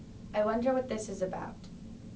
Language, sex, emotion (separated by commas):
English, female, neutral